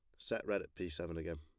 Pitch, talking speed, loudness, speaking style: 85 Hz, 305 wpm, -41 LUFS, plain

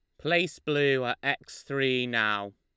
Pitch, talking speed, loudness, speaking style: 135 Hz, 155 wpm, -27 LUFS, Lombard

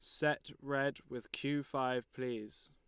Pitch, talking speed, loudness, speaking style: 130 Hz, 145 wpm, -38 LUFS, Lombard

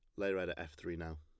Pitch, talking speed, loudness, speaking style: 80 Hz, 360 wpm, -41 LUFS, plain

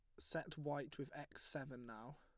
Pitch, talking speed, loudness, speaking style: 145 Hz, 180 wpm, -49 LUFS, plain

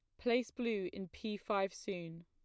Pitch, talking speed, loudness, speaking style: 200 Hz, 175 wpm, -39 LUFS, plain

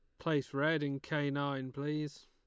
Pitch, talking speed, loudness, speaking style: 145 Hz, 175 wpm, -36 LUFS, Lombard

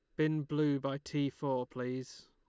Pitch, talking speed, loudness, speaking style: 140 Hz, 175 wpm, -35 LUFS, Lombard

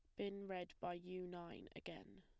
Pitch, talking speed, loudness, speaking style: 180 Hz, 180 wpm, -50 LUFS, plain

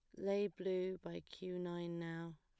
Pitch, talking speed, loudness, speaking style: 180 Hz, 165 wpm, -43 LUFS, plain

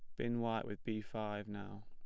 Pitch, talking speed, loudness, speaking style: 105 Hz, 215 wpm, -42 LUFS, plain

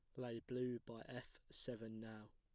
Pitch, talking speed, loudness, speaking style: 115 Hz, 170 wpm, -50 LUFS, plain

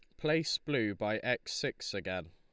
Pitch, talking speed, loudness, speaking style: 110 Hz, 170 wpm, -34 LUFS, Lombard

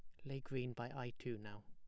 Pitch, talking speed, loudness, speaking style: 120 Hz, 260 wpm, -47 LUFS, plain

